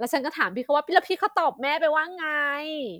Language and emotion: Thai, happy